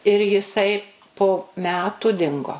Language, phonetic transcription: Lithuanian, ir jiˈsai po ˈmetu ˈdingo

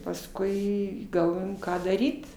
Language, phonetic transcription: Lithuanian, pasˈkui galˈvojom ˈką daˈryt

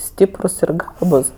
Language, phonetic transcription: Lithuanian, ˈstyprus ir ˈgabus

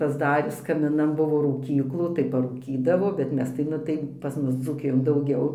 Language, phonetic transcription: Lithuanian, pasˈdaris kamiˈnan ˈbuvo rūˈkyklų tai parūˈkydavo bet ˈmes tai ˈnu tai pas ˈmus dzūˈkijon dauˈgiau

